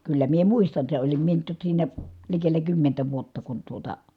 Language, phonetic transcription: Finnish, kyllä mie muistan se olim mie tok siinä , likellä kymmentä vuotta kun tuota ,.
- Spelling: kyllä minä muistan sen olin minä toki siinä likellä kymmentä vuotta kun tuota

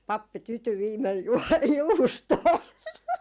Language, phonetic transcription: Finnish, 'pappi 'tyty viimel juɔ- , 'juustoo .
- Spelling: pappi tyytyi viimein - juustoon

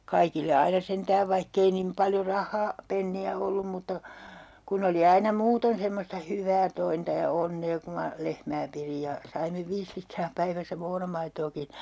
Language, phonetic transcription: Finnish, 'kaikille aina 'sentääv 'vaihk ‿ei nim 'paljo "rah̆haa- , '-penni₍ä ollum mutta , 'kun ‿oli 'aina 'muuton semmosta 'hyv̆vää 'tointa ja "onnee ku ma , 'lehmää pirij ja , saime 'viis litraa päiväisä "moonamaitookin̬ .
- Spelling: kaikille aina sentään vaikka ei niin paljon rahaa penniä ollut mutta kun oli aina muuten semmoista hyvää tointa ja onnea kun minä lehmää pidin ja saimme viisi litraa päivässä muonamaitoakin

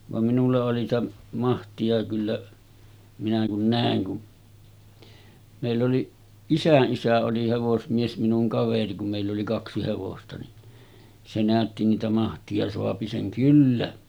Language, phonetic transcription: Finnish, vam minulla oli sⁱtä , 'mahti₍a kyllä , minä kun 'nä̀eŋ kun , mèill ‿oli , 'isäˀ 'ˀisä oli hevosmies minuŋ 'kaveri kum mèill ‿oli 'kaksi hevosta ni , se 'nä̀ötti niitä mahti₍a soapi seŋ 'kyllä .
- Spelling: vaan minulla oli sitä mahtia kyllä minä kun näin kun meillä oli isän isä oli hevosmies minun kaveri kun meillä oli kaksi hevosta niin se näytti niitä mahtia saa sen kyllä

